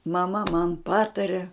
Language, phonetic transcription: Lithuanian, maˈma man ˈpatari

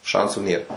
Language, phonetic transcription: Lithuanian, ˈšansų nėr

